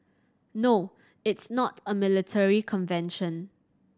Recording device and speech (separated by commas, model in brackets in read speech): standing microphone (AKG C214), read sentence